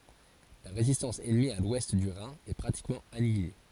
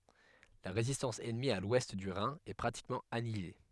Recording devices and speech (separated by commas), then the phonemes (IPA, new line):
forehead accelerometer, headset microphone, read sentence
la ʁezistɑ̃s ɛnmi a lwɛst dy ʁɛ̃ ɛ pʁatikmɑ̃ anjile